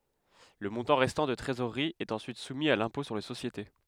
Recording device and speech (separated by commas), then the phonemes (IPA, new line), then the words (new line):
headset microphone, read sentence
lə mɔ̃tɑ̃ ʁɛstɑ̃ də tʁezoʁʁi ɛt ɑ̃syit sumi a lɛ̃pɔ̃ syʁ le sosjete
Le montant restant de trésorerie est ensuite soumis à l'impôt sur les sociétés.